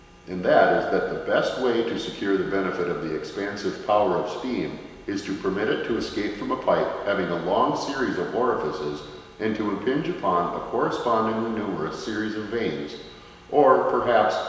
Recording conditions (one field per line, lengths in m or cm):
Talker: one person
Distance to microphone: 1.7 m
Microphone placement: close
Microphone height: 1.0 m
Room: very reverberant, large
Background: none